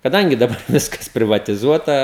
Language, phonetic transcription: Lithuanian, kaˈdangi daˈbar ˈviskas privatiˈzuota

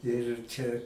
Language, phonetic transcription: Lithuanian, ir ˈčia

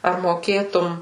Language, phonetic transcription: Lithuanian, ar moˈkėtum

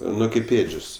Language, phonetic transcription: Lithuanian, ˈnu kaip ˈėdžios

